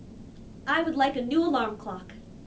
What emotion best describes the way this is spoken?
neutral